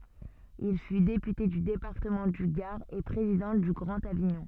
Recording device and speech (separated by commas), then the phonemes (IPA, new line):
soft in-ear microphone, read sentence
il fy depyte dy depaʁtəmɑ̃ dy ɡaʁ e pʁezidɑ̃ dy ɡʁɑ̃t aviɲɔ̃